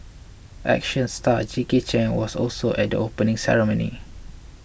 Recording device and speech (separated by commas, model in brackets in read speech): boundary microphone (BM630), read sentence